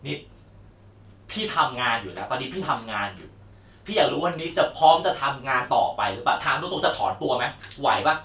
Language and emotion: Thai, angry